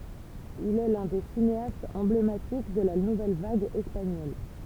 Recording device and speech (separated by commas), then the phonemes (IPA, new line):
temple vibration pickup, read sentence
il ɛ lœ̃ de sineastz ɑ̃blematik də la nuvɛl vaɡ ɛspaɲɔl